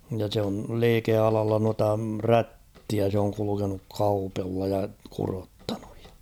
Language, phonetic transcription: Finnish, ja sᵉ ‿on̳ "liikealalla nuata "rättiä se oŋ 'kulukenuk "kaupᴉlla ja 'kurottaɴᴜᴊ ᴊᴀ .
- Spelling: ja se on liikealalla noita rättiä se on kulkenut kaupalla ja kudottanut ja

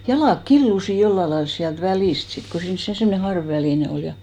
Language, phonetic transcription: Finnish, 'jalàk 'killusi 'jolla lails siält "välìst 'sit ko 'siins se 'semne "harv₍'välìne 'ol ja .
- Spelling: jalat killuivat jollakin lailla sieltä välistä sitten kun siinä se semmoinen harvavälinen oli ja

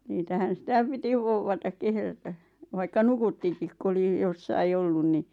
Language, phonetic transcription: Finnish, niitähän̬ "sⁱtä̀ 'piti 'vouvvatak 'kehrätä , vaikka "nukuttikik ku oli , jossai 'ollun ni ,.
- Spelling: niitähän sitä piti vouvata kehrätä vaikka nukuttikin kun oli jossakin ollut niin

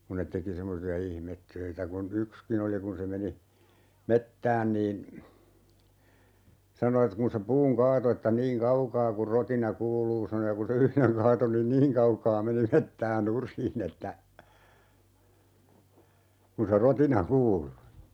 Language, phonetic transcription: Finnish, kun̆ net 'teki 'semmosi₍a "ihmettöitä kun , "ykskin ‿oli 'kun se meni , "mettään niin , 'sano e kun̬ se "puuŋ 'kaato että » 'niiŋ "kaukaa kur 'rotina "kuuluu » sano ja kun̬ se 'yhleŋ "kaato nin "niiŋ kaukaa 'meni "mettää 'nur̀iin ‿että , kun̬ se "rotina 'kuulu .
- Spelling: kun ne teki semmoisia ihmetöitä kun yksikin oli kun se meni metsään niin sanoi että kun se puun kaatoi että niin kaukaa kuin rotina kuuluu sanoi ja kun se yhden kaatoi niin niin kaukaa meni metsää nurin että kun se rotina kuului

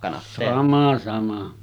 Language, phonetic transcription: Finnish, 'sama sama .
- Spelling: sama sama

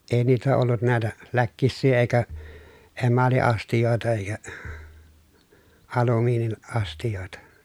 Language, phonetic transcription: Finnish, èi niitä ollut nä̀etä , läkkissii èikä , emali₍astijòeta(hij) ja , alumiinin- , -astijòeta .
- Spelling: ei niitä ollut näitä läkkisiä eikä emaliastioitakin ja - alumiiniastioita

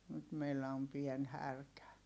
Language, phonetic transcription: Finnish, nyt meillä om pien härkä .
- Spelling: nyt meillä on pieni härkä

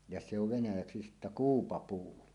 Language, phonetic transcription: Finnish, ja 'se ‿ov 'venäjäksi sittä "kuupapuu .
- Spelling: ja se on venäjäksi sitten kuupapuu

